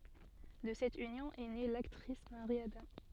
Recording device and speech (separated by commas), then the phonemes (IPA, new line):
soft in-ear microphone, read sentence
də sɛt ynjɔ̃ ɛ ne laktʁis maʁi adɑ̃